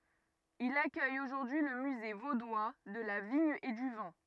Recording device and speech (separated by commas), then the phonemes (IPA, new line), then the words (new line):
rigid in-ear microphone, read sentence
il akœj oʒuʁdyi lə myze vodwa də la viɲ e dy vɛ̃
Il accueille aujourd'hui le Musée vaudois de la vigne et du vin.